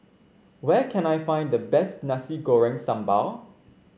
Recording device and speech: mobile phone (Samsung C5), read sentence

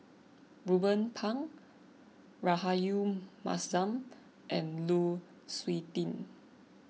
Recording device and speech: mobile phone (iPhone 6), read sentence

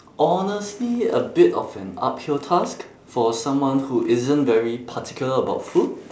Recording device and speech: standing microphone, conversation in separate rooms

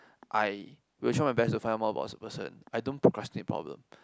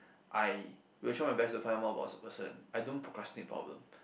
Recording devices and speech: close-talking microphone, boundary microphone, conversation in the same room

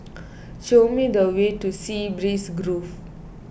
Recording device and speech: boundary microphone (BM630), read sentence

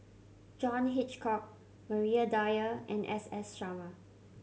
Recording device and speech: mobile phone (Samsung C7100), read sentence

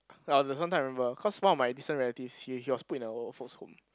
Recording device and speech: close-talking microphone, conversation in the same room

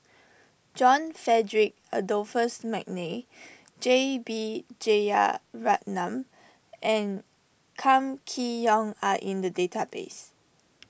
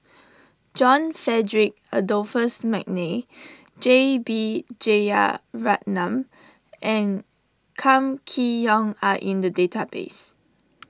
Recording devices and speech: boundary microphone (BM630), standing microphone (AKG C214), read sentence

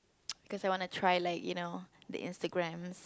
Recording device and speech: close-talking microphone, conversation in the same room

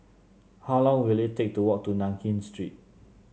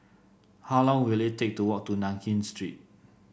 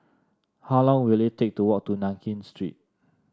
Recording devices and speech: mobile phone (Samsung C7), boundary microphone (BM630), standing microphone (AKG C214), read sentence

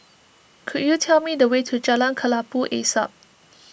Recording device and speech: boundary microphone (BM630), read sentence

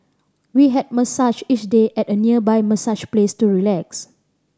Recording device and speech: standing microphone (AKG C214), read sentence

